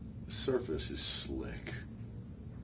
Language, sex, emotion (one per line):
English
male
neutral